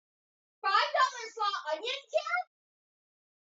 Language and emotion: English, surprised